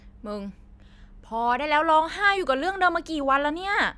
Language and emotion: Thai, frustrated